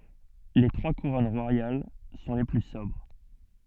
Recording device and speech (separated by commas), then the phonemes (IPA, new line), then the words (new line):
soft in-ear microphone, read sentence
le tʁwa kuʁɔn ʁwajal sɔ̃ le ply sɔbʁ
Les trois couronnes royales sont les plus sobres.